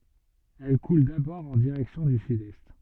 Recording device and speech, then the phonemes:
soft in-ear microphone, read sentence
ɛl kul dabɔʁ ɑ̃ diʁɛksjɔ̃ dy sydɛst

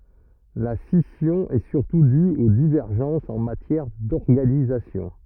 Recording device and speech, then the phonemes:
rigid in-ear microphone, read sentence
la sisjɔ̃ ɛ syʁtu dy o divɛʁʒɑ̃sz ɑ̃ matjɛʁ dɔʁɡanizasjɔ̃

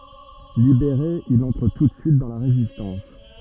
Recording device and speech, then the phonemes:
rigid in-ear microphone, read sentence
libeʁe il ɑ̃tʁ tu də syit dɑ̃ la ʁezistɑ̃s

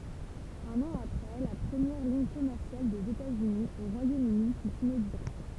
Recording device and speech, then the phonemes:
temple vibration pickup, read sentence
œ̃n ɑ̃ apʁɛ la pʁəmjɛʁ liɲ kɔmɛʁsjal dez etatsyni o ʁwajomøni fy inoɡyʁe

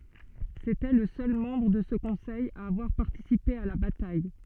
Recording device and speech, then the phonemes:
soft in-ear microphone, read sentence
setɛ lə sœl mɑ̃bʁ də sə kɔ̃sɛj a avwaʁ paʁtisipe a la bataj

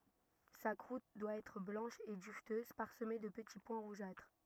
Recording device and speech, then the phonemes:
rigid in-ear microphone, read sentence
sa kʁut dwa ɛtʁ blɑ̃ʃ e dyvtøz paʁsəme də pəti pwɛ̃ ʁuʒatʁ

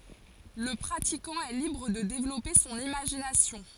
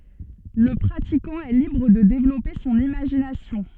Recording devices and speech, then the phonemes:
forehead accelerometer, soft in-ear microphone, read sentence
lə pʁatikɑ̃ ɛ libʁ də devlɔpe sɔ̃n imaʒinasjɔ̃

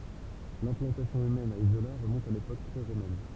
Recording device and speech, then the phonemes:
temple vibration pickup, read sentence
lɛ̃plɑ̃tasjɔ̃ ymɛn a izola ʁəmɔ̃t a lepok pʁeʁomɛn

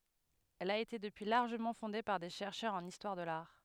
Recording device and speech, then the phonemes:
headset microphone, read sentence
ɛl a ete dəpyi laʁʒəmɑ̃ fɔ̃de paʁ de ʃɛʁʃœʁz ɑ̃n istwaʁ də laʁ

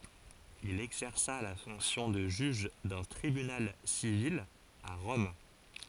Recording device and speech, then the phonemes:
forehead accelerometer, read sentence
il ɛɡzɛʁsa la fɔ̃ksjɔ̃ də ʒyʒ dœ̃ tʁibynal sivil a ʁɔm

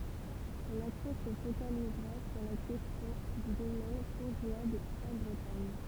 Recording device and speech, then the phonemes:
temple vibration pickup, read sentence
sɔ̃n aksjɔ̃ sə fokalizʁa syʁ la kɛstjɔ̃ dy domɛn kɔ̃ʒeabl ɑ̃ bʁətaɲ

